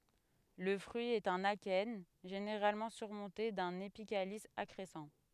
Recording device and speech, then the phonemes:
headset microphone, read sentence
lə fʁyi ɛt œ̃n akɛn ʒeneʁalmɑ̃ syʁmɔ̃te dœ̃n epikalis akʁɛsɑ̃

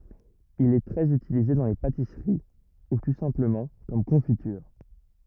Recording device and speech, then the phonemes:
rigid in-ear microphone, read sentence
il ɛ tʁɛz ytilize dɑ̃ le patisəʁi u tu sɛ̃pləmɑ̃ kɔm kɔ̃fityʁ

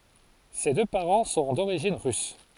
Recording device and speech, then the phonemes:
forehead accelerometer, read sentence
se dø paʁɑ̃ sɔ̃ doʁiʒin ʁys

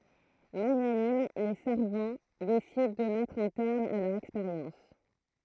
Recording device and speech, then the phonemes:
throat microphone, read sentence
maɲanim le saʁvɑ̃ desidɑ̃ də mɛtʁ œ̃ tɛʁm a lœʁz ɛkspeʁjɑ̃s

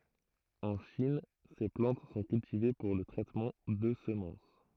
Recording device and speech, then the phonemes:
throat microphone, read sentence
ɑ̃ ʃin se plɑ̃t sɔ̃ kyltive puʁ lə tʁɛtmɑ̃ də səmɑ̃s

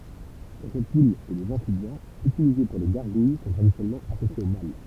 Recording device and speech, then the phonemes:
temple vibration pickup, read sentence
le ʁɛptilz e lez ɑ̃fibjɛ̃z ytilize puʁ le ɡaʁɡuj sɔ̃ tʁadisjɔnɛlmɑ̃ asosjez o mal

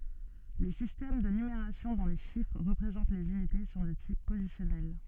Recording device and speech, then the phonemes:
soft in-ear microphone, read sentence
le sistɛm də nymeʁasjɔ̃ dɔ̃ le ʃifʁ ʁəpʁezɑ̃t lez ynite sɔ̃ də tip pozisjɔnɛl

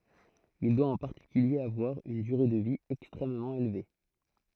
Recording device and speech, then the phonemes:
throat microphone, read sentence
il dwa ɑ̃ paʁtikylje avwaʁ yn dyʁe də vi ɛkstʁɛmmɑ̃ elve

